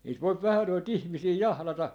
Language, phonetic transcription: Finnish, niit 'voip 'vähä noi't ‿ihmisii "jahlata ,.
- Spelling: niitä voi vähän noita ihmisiä jahdata

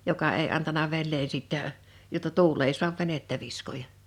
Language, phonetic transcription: Finnish, joka èi antana 'vennee sìttä , jotta "tuul ‿ei 'suav 'venettä 'viskoja .
- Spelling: joka ei antanut veneen sitten jotta tuuli ei saa venettä viskoa

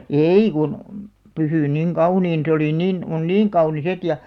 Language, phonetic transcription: Finnish, èi kun , 'pysỳn 'niŋ "kauniin se oli 'nin , on "niiŋ 'kaunis "et ja ,.
- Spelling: ei kun pysynyt niin kauniina se oli niin on niin kaunis että ja

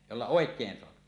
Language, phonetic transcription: Finnish, jolla 'òek̀een soapi .
- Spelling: jolla oikein saa

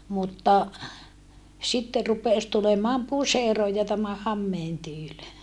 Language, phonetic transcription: Finnish, mutta , sitte rupès tulemaam puseroj ja tämä hammeen tyyl .
- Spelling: mutta sitten rupesi tulemaan puseron ja tämän hameen tyyli

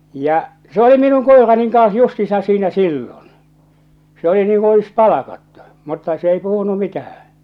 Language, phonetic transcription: Finnish, ja , se oli "minun "kòeraniŋ "kans "justiisaa̰ "siinä "sillon , se ‿oli niiŋ kun̬ 'olis "palakattu , mutta s ‿ei 'puhunu "mitähää̰ .
- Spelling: ja se oli minun koirani kanssa justiinsa siinä silloin se oli niin kuin olisi palkattu mutta se ei puhunut mitään

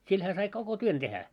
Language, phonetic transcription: Finnish, sil hää sai 'koko 'tuon tehä .
- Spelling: sillä hän sai koko tuon tehdä

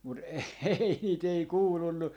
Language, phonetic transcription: Finnish, 'mut ehhei 'nii't ‿ei "kuulunnu .
- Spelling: mutta ehei niitä ei kuulunut

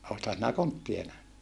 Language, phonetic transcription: Finnish, oothan sinä konttie nähny ?
- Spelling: olethan sinä kontteja nähnyt

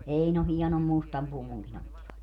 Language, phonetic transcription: Finnish, 'Eino 'hiɛnom 'mustam 'puvuŋkin ‿ottivat .
- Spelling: Einon hienon mustan puvunkin ottivat

